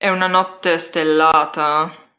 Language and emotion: Italian, disgusted